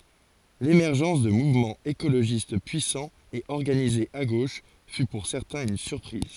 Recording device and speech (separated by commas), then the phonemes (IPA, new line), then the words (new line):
forehead accelerometer, read sentence
lemɛʁʒɑ̃s də muvmɑ̃z ekoloʒist pyisɑ̃z e ɔʁɡanizez a ɡoʃ fy puʁ sɛʁtɛ̃z yn syʁpʁiz
L’émergence de mouvements écologistes puissants et organisés à gauche fut pour certains une surprise.